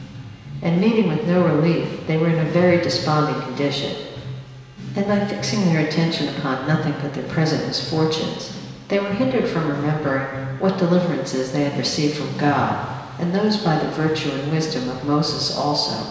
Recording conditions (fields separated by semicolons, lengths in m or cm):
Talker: one person; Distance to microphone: 1.7 m; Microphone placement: close; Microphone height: 1.0 m; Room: very reverberant, large; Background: music